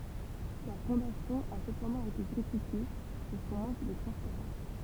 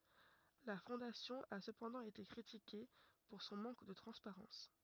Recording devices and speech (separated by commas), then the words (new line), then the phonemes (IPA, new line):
temple vibration pickup, rigid in-ear microphone, read sentence
La Fondation a cependant été critiquée pour son manque de transparence.
la fɔ̃dasjɔ̃ a səpɑ̃dɑ̃ ete kʁitike puʁ sɔ̃ mɑ̃k də tʁɑ̃spaʁɑ̃s